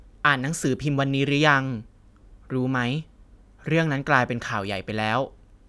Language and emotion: Thai, neutral